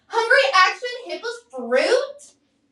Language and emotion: English, disgusted